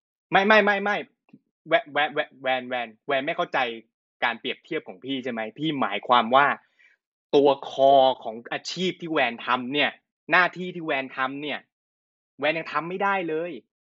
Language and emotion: Thai, angry